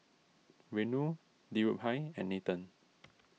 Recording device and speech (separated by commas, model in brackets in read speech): mobile phone (iPhone 6), read sentence